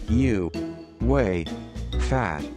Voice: monotone